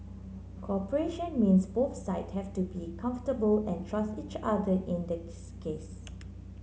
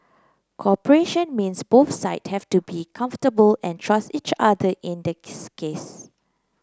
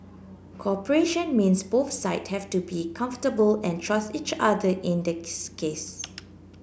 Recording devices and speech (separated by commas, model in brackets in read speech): mobile phone (Samsung C9), close-talking microphone (WH30), boundary microphone (BM630), read sentence